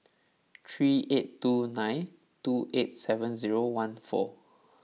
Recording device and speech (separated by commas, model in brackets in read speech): mobile phone (iPhone 6), read sentence